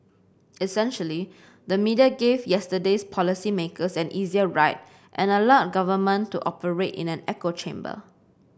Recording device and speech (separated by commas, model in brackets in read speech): boundary microphone (BM630), read sentence